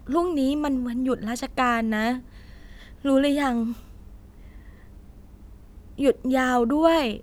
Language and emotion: Thai, frustrated